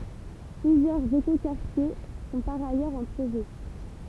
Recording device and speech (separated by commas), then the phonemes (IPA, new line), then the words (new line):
temple vibration pickup, read sentence
plyzjœʁz ekokaʁtje sɔ̃ paʁ ajœʁz ɑ̃ pʁoʒɛ
Plusieurs écoquartiers sont par ailleurs en projet.